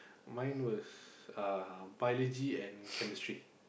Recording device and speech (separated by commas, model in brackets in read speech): boundary microphone, conversation in the same room